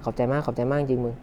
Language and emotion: Thai, happy